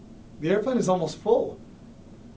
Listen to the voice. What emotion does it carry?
fearful